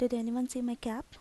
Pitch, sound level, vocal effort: 245 Hz, 79 dB SPL, soft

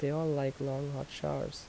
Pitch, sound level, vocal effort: 140 Hz, 77 dB SPL, soft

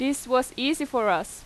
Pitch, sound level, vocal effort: 260 Hz, 89 dB SPL, loud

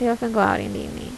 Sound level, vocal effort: 77 dB SPL, soft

